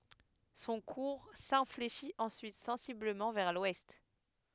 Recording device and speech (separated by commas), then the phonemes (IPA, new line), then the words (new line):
headset microphone, read sentence
sɔ̃ kuʁ sɛ̃fleʃit ɑ̃syit sɑ̃sibləmɑ̃ vɛʁ lwɛst
Son cours s'infléchit ensuite sensiblement vers l'ouest.